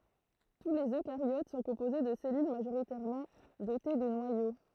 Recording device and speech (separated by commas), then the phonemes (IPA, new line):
throat microphone, read sentence
tu lez økaʁjot sɔ̃ kɔ̃poze də sɛlyl maʒoʁitɛʁmɑ̃ dote də nwajo